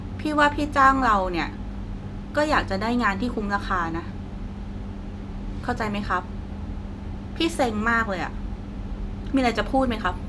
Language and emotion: Thai, frustrated